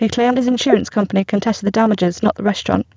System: VC, spectral filtering